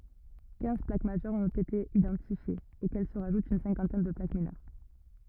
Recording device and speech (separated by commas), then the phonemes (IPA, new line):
rigid in-ear microphone, read sentence
kɛ̃z plak maʒœʁz ɔ̃t ete idɑ̃tifjez okɛl sə ʁaʒut yn sɛ̃kɑ̃tɛn də plak minœʁ